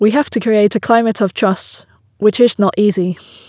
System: none